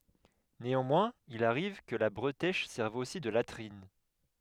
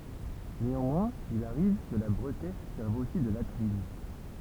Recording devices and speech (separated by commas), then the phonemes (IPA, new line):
headset microphone, temple vibration pickup, read sentence
neɑ̃mwɛ̃z il aʁiv kə la bʁətɛʃ sɛʁv osi də latʁin